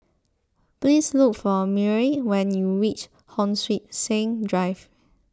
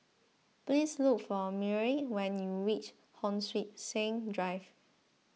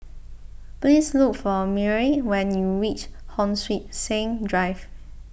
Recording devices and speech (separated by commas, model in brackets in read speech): close-talking microphone (WH20), mobile phone (iPhone 6), boundary microphone (BM630), read sentence